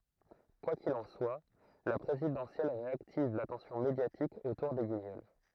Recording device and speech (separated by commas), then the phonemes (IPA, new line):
throat microphone, read sentence
kwa kil ɑ̃ swa la pʁezidɑ̃sjɛl ʁeaktiv latɑ̃sjɔ̃ medjatik otuʁ de ɡiɲɔl